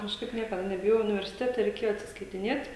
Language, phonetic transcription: Lithuanian, kažˈkaip ˈniekada nebiˈjojau universiˈtete reiˈkėjo atsiskaitiˈnėt'

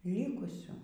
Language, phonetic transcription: Lithuanian, ˈlikusių

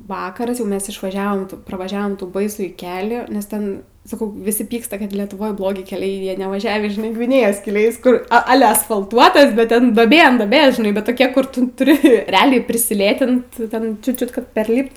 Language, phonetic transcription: Lithuanian, ˈvakaras jau ˈmes išvaˈžiavom pravaˈžiavom tų baiˈsųjį ˈkelį nes ˈten ˈsakau viˈsi ˈpyksta kad letuˈvoj ˈblogi keˈliai ˈjie nevaˈžiavį žiˈnai gviˈnėjos keˈliais ˈkur aˈle asfalˈtuotas bet ˈten duoˈbė an duoˈbės žiˈnai bet ˈtokia kur ˈtu tuˈri reˈaliai prisiˈlėtint ˈten čiu ˈčiut kad perˈlypt

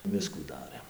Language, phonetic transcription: Lithuanian, ˈviskų ˈdarɘm

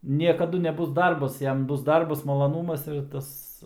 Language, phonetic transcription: Lithuanian, niekaˈdu neˈbus ˈdarbas ˈjam ˈbus ˈdarbas malaˈnūmas ir ˈtas

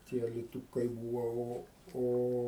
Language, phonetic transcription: Lithuanian, tie aliˈtūkai ˈbūva ˈo ˈo

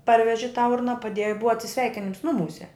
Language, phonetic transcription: Lithuanian, ˈparveži tą ˈurna paˈdėju i ˈbuvo atsiˈsveikinims ˈnumūse

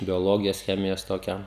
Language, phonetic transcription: Lithuanian, bioˈlogijos ˈchemijos toˈkią

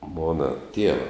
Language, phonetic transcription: Lithuanian, ˈmona ˈtieva

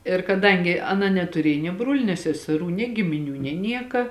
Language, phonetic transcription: Lithuanian, ir kaˈdangi aˈna netuˈriej nie ˈbruoliu nė seseˈrų nė gimiˈnių nė ˈnieka

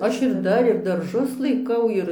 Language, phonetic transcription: Lithuanian, ˈaš ir ˈdar ir darˈžus laiˈkau ˈir

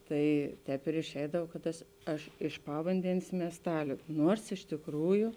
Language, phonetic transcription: Lithuanian, ˈtai ˈtēp ir išˈeidav kad ˈtas ˈaš iš ˈpavandenės miesˈtaliu ˈnuors iš tikˈrųju

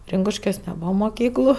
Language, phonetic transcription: Lithuanian, ˈrinkuškiuos neˈbūva moˈkyklu

